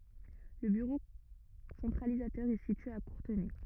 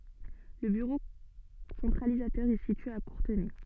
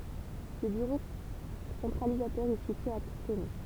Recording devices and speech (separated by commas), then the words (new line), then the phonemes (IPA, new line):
rigid in-ear microphone, soft in-ear microphone, temple vibration pickup, read sentence
Le bureau centralisateur est situé à Courtenay.
lə byʁo sɑ̃tʁalizatœʁ ɛ sitye a kuʁtənɛ